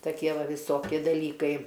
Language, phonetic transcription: Lithuanian, taˈkie ˈva viˈsoki daˈlykai

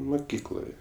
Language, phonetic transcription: Lithuanian, muˈkykloje

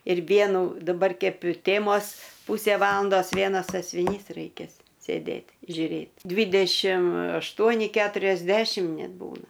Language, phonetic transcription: Lithuanian, ir ˈvienu daˈbar ˈkep i ˈtėmos ˈpūsė ˈvalandos ˈvienas sasviˈnys raiˈkės sėˈdėt' žiuˈrėt' ˈdvidešim ašˈtuoni keturiasˈdešim ˈnet ˈbūna

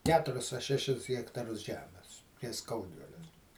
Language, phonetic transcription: Lithuanian, ˈketuris a ˈšešis hektaˈrus ˈžemes ties ˈskaudvile

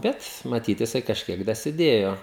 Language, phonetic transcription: Lithuanian, ˈbet maˈtyt jiˈsai kažˈkiek dasiˈdėjo

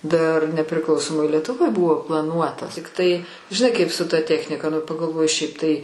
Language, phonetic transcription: Lithuanian, dar nepriˈklausomoj lietuˈvoj ˈbuvo plaˈnuotas tikˈtai žiˈnai kaip su ta ˈtechnika nu pagalˈvoji ˈšiaip tai

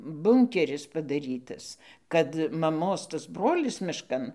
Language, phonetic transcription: Lithuanian, ˈbunkeris padaˈrytas kad maˈmos tas ˈbrolis mišˈkan

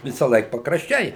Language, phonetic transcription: Lithuanian, visąˈlaik pakrašˈčiai

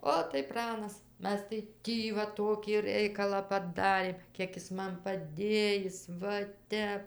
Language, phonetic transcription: Lithuanian, ˈot tai ˈpranas ˈmes tai ˈtį va ˈtokį ˈreikalą paˈdarėm ˈkiek jis ˈman paˈdėjis ˈva ˈtep

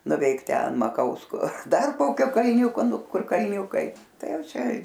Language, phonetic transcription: Lithuanian, nuˈveik ˈten maˈkausko ˈdar ˈkokio kalˈniūko ˈnu ˈkur kalˈniūkai ˈtai ˈjau ˈčia

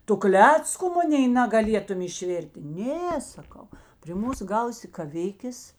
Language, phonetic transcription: Lithuanian, ˈtu ˈklecku ˈmunėi nagaˈlietum išˈvertė ˈnė saˈkau pri ˈmūs ˈgausi kaˈvikės

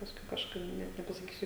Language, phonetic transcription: Lithuanian, pasˈkui kažˈkaip ˈnet nepasaˈkysiu

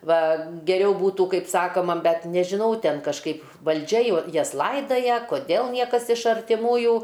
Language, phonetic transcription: Lithuanian, ˈva geˈriau ˈbūtų ˈkaip ˈsakoma ˈbet nežiˈnau ˈten kažˈkaip valˈdžia jo ˈjas ˈlaidaja koˈdel ˈniekas iš artiˈmųjų

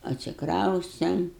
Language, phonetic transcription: Lithuanian, atsikˈraustem

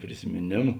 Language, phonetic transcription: Lithuanian, prisimėˈnėmu

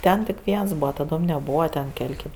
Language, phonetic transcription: Lithuanian, ˈten tik ˈviens ˈbūva taˈdom neˈbūva ten ˈkel' ˈkėp

